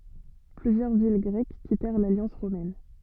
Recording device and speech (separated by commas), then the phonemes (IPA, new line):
soft in-ear microphone, read sentence
plyzjœʁ vil ɡʁɛk kitɛʁ laljɑ̃s ʁomɛn